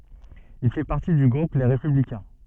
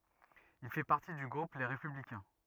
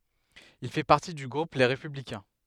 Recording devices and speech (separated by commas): soft in-ear microphone, rigid in-ear microphone, headset microphone, read sentence